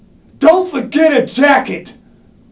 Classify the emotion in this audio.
angry